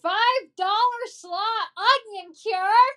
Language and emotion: English, disgusted